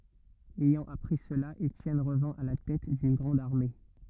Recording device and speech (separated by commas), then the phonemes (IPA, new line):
rigid in-ear microphone, read sentence
ɛjɑ̃ apʁi səla etjɛn ʁəvɛ̃ a la tɛt dyn ɡʁɑ̃d aʁme